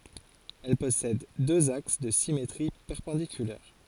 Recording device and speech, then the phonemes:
forehead accelerometer, read sentence
ɛl pɔsɛd døz aks də simetʁi pɛʁpɑ̃dikylɛʁ

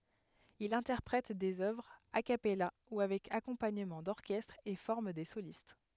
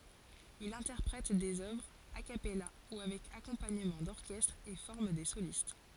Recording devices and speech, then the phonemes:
headset microphone, forehead accelerometer, read sentence
il ɛ̃tɛʁpʁɛt dez œvʁz a kapɛla u avɛk akɔ̃paɲəmɑ̃ dɔʁkɛstʁ e fɔʁm de solist

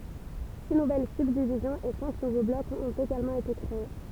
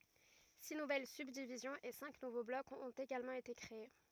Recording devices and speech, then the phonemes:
temple vibration pickup, rigid in-ear microphone, read sentence
si nuvɛl sybdivizjɔ̃z e sɛ̃k nuvo blɔkz ɔ̃t eɡalmɑ̃ ete kʁee

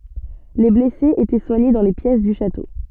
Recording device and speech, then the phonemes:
soft in-ear microphone, read sentence
le blɛsez etɛ swaɲe dɑ̃ le pjɛs dy ʃato

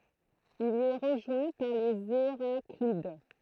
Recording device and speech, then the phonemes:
throat microphone, read sentence
il i ɛ ʁəʒwɛ̃ paʁ lez eʁaklid

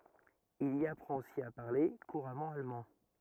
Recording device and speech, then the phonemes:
rigid in-ear microphone, read sentence
il i apʁɑ̃t osi a paʁle kuʁamɑ̃ almɑ̃

